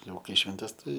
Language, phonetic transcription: Lithuanian, ˈjau ˈkai švenˈtes ˈtai

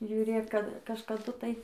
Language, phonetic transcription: Lithuanian, žiuˈrėk kad kažkaˈdu ˈtai

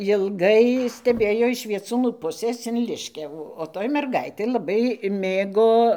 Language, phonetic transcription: Lithuanian, jilˈgai steˈbėjo iš vieˈcūnų ˈpusės in ˈliškiavų o ˈtoj merˈgaitė laˈbai ˈmėgo

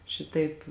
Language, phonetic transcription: Lithuanian, ˈšitaip

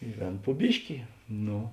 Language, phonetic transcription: Lithuanian, i ˈvėn pu ˈbiški ˈno

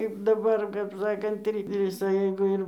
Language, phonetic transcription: Lithuanian, kaip ˈdabar kap ˈsakant ˈvisa jeigu ˈir

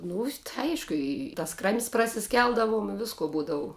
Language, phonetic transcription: Lithuanian, ˈnu tai ˈaišku ˈi tas kram's' prasiˈskeldavum i ˈvisko ˈbūdavu

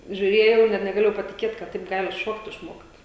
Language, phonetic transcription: Lithuanian, žiūˈrėjau ir net negaˈlėjau patiˈkėt kad ˈtaip ˈgali ˈšokt išˈmokt

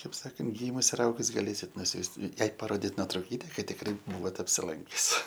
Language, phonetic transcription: Lithuanian, taip ˈsakant ˈgymus ir ˈaugus gaˈlėsit nuˈsiųst ˈjai paˈrodit notrauˈkyte kad tikˈrai ˈbūvot apsiˈlankius

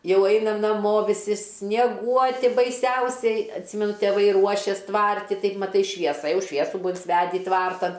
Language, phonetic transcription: Lithuanian, ˈjau ˈainam naˈmo viˈsi snieˈguoti baiˈsiausiai atˈsymenu teˈvai ˈruošes ˈtvarti ˈtaip maˈtai švieˈsa ˈjau ˈšviesu ˈbua insiˈvedi ˈtvartan

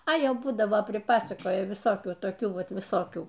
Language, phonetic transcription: Lithuanian, a ˈjau ˈbūdavo priˈpasakoja viˈsokių toˈkių ˈvat viˈsokių

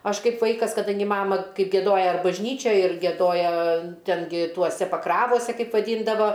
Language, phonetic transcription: Lithuanian, ˈaš ˈkaip ˈvaikas kaˈdangi ˈmama ˈkai gieˈdoja bažˈnyčioj ir gieˈdoja ˈten gi ˈtuose paˈkravose ˈkaip vaˈdyndava

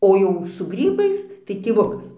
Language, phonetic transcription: Lithuanian, o ˈjau su ˈgrybais tai tėˈvukas

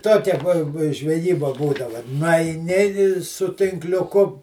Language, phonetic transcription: Lithuanian, ˈtokia buo bu žveˈjyba ˈbūdava nuaiˈni i su tinkliuˈku

